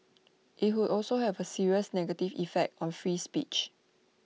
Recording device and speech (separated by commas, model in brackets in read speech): mobile phone (iPhone 6), read sentence